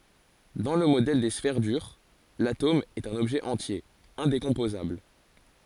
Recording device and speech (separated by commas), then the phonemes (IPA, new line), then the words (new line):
forehead accelerometer, read sentence
dɑ̃ lə modɛl de sfɛʁ dyʁ latom ɛt œ̃n ɔbʒɛ ɑ̃tje ɛ̃dekɔ̃pozabl
Dans le modèle des sphères dures, l’atome est un objet entier, indécomposable.